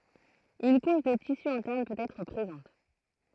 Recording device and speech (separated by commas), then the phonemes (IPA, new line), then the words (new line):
throat microphone, read sentence
yn kuʃ də tisy ɛ̃tɛʁn pøt ɛtʁ pʁezɑ̃t
Une couche de tissu interne peut être présente.